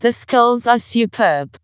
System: TTS, vocoder